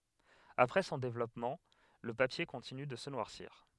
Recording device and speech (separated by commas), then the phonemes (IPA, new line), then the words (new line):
headset microphone, read sentence
apʁɛ sɔ̃ devlɔpmɑ̃ lə papje kɔ̃tiny də sə nwaʁsiʁ
Après son développement, le papier continue de se noircir.